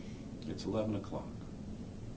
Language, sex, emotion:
English
male
neutral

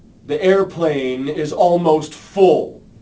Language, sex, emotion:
English
male
angry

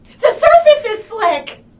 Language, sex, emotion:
English
female
fearful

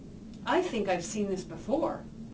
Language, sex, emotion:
English
female
happy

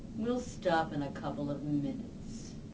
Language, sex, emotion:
English
female
disgusted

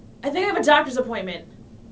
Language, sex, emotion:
English
female
angry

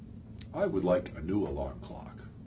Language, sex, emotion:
English
male
neutral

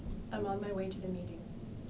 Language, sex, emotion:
English
female
neutral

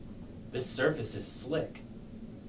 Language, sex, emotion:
English
male
neutral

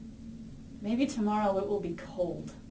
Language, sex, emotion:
English
female
neutral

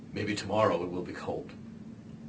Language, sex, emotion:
English
male
neutral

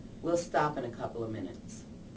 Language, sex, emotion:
English
female
neutral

